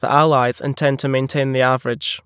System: none